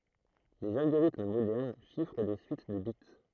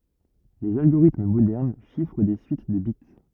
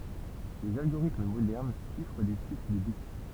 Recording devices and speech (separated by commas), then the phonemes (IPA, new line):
throat microphone, rigid in-ear microphone, temple vibration pickup, read sentence
lez alɡoʁitm modɛʁn ʃifʁ de syit də bit